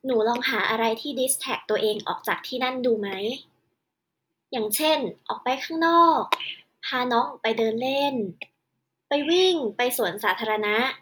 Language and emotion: Thai, neutral